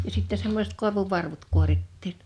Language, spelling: Finnish, ja sitten semmoiset koivunvarvut kuorittiin
- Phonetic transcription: ja sitte semmośᵉt 'kòevuv'varvut 'kuorittiin .

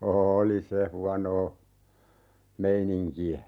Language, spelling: Finnish, oli se huonoa meininkiä
- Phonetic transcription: "ooli 'se 'huanoo , 'meiniŋki₍ä .

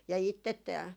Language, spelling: Finnish, ja itse -
- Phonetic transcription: ja 'ittet tè- ,.

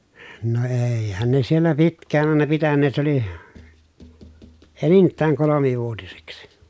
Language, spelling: Finnish, no eihän ne siellä pitkään aina pitäneet se oli enintään kolmivuotiseksi
- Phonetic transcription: no eeihän ne siellä pitk̀ään ‿àena pitänneet se ‿oli , enint̆tääŋ kolomivuotiseksI .

